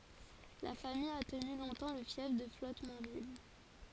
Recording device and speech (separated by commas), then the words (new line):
forehead accelerometer, read sentence
La famille a tenu longtemps le fief de Flottemanville.